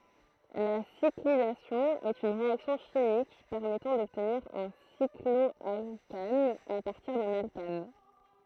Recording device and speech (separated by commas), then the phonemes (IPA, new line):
throat microphone, read sentence
la siklizasjɔ̃ ɛt yn ʁeaksjɔ̃ ʃimik pɛʁmɛtɑ̃ dɔbtniʁ œ̃ siklɔalkan a paʁtiʁ dœ̃n alkan